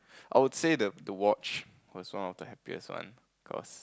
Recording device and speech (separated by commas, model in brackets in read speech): close-talking microphone, conversation in the same room